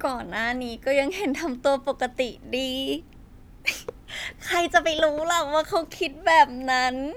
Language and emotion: Thai, happy